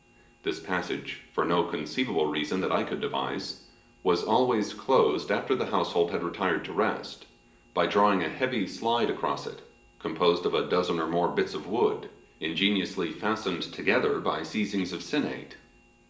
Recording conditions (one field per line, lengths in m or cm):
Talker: one person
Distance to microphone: 1.8 m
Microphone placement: close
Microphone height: 1.0 m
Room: large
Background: none